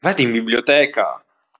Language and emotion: Italian, neutral